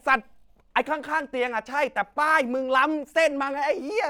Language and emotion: Thai, angry